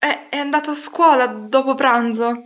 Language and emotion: Italian, fearful